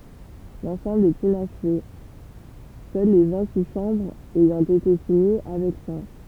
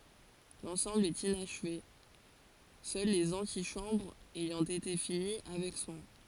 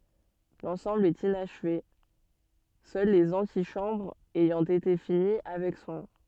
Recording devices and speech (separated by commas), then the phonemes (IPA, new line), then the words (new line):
temple vibration pickup, forehead accelerometer, soft in-ear microphone, read sentence
lɑ̃sɑ̃bl ɛt inaʃve sœl lez ɑ̃tiʃɑ̃bʁz ɛjɑ̃ ete fini avɛk swɛ̃
L'ensemble est inachevé, seules les antichambres ayant été finies avec soin.